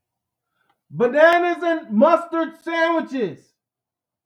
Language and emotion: English, neutral